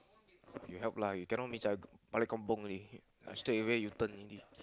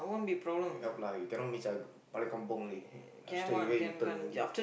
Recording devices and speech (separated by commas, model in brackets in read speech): close-talking microphone, boundary microphone, conversation in the same room